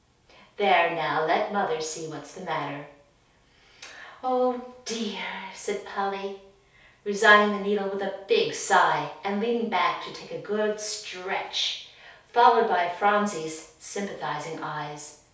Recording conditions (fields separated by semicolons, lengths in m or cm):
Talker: one person; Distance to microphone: 3.0 m; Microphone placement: far; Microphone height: 1.8 m; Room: small (3.7 m by 2.7 m); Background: none